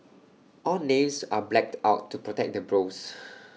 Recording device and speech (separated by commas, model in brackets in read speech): mobile phone (iPhone 6), read sentence